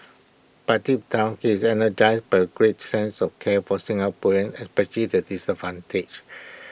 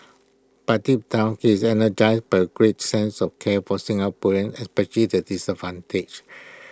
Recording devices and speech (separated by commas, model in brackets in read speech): boundary microphone (BM630), close-talking microphone (WH20), read sentence